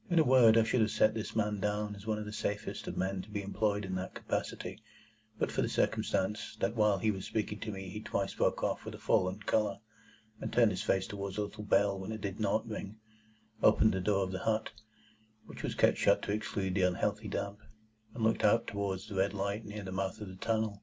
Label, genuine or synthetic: genuine